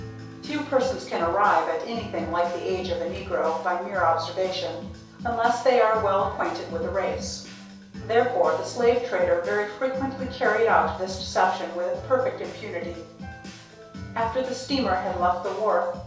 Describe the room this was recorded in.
A small room (about 3.7 m by 2.7 m).